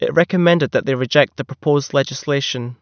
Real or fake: real